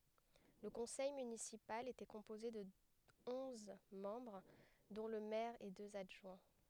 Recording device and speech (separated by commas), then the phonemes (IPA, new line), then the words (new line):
headset microphone, read sentence
lə kɔ̃sɛj mynisipal etɛ kɔ̃poze də ɔ̃z mɑ̃bʁ dɔ̃ lə mɛʁ e døz adʒwɛ̃
Le conseil municipal était composé de onze membres dont le maire et deux adjoints.